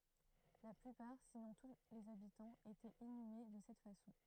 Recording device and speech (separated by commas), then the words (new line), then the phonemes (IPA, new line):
throat microphone, read sentence
La plupart, sinon tous les habitants, étaient inhumés de cette façon.
la plypaʁ sinɔ̃ tu lez abitɑ̃z etɛt inyme də sɛt fasɔ̃